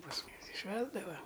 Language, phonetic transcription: Lithuanian, pas ˈmumis i ˈšvęsdava

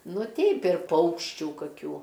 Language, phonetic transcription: Lithuanian, ˈnu ˈteip ir ˈpaukščių kaˈkių

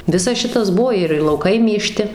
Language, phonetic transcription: Lithuanian, ˈvisas ˈšitas ˈbuo ir ir lauˈkai mėˈžti

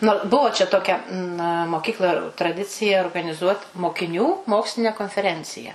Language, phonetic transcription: Lithuanian, ˈnu ˈbuvo čia ˈtokia na moˈkykla traˈdicija organiˈzuot mokiˈnių ˈmoksline konfeˈrencija

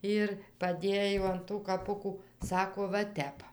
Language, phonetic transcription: Lithuanian, ˈir paˈdėjo an ˈtų kaˈpukų ˈsako va ˈtep

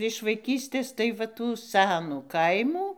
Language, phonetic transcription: Lithuanian, iš vaiˈkystės tai va ˈtų ˈsænų ˈkaimų

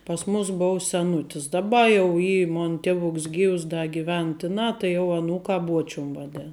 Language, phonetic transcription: Lithuanian, pas ˈmus ˈbou seˈnutis daˈba jau ˈy ˈmon ˈtevuks ˈgyvs ˈda giˈven ˈtiˌnā tai jau aˈnūkā ˈbuočium vaˈdėn

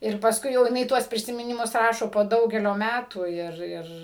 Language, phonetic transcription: Lithuanian, ir pasˈkui jau jiˈnai ˈtuos prisimiˈnimus ˈrašo po ˈdaugelio ˈmætų ˈir ˈir

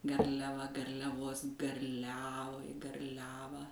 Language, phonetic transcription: Lithuanian, garliaˈva garliaˈvos garˈliavai garˈliavą

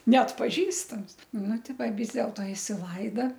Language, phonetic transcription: Lithuanian, neatpaˈžįstams ˈnu ˈti ˈva ˈvis delto isiˈlaida

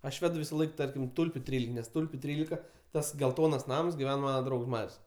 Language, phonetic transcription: Lithuanian, aš ˈvedu visaˈlaik ˈtarkim ˈtulpiu ˈtrylika nes ˈtulpiu ˈtrylika ˈtas gelˈtonas ˈnams giˈven ˈmana ˈdraugs ˈmar's'

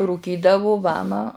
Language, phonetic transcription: Lithuanian, rūˈkydavu ˈvama

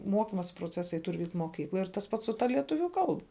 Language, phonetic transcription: Lithuanian, ˈmuokimosi proˈcesai ˈtur ˈvykt' moˈkykloj tas ˈpats su ˈta lieˈtuviu ˈkalba

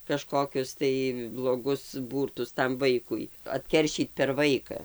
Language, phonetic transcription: Lithuanian, kaˈžkokius tai bloˈgus ˈbūrtus tam ˈvaikui atˈkeršyt per ˈvaika

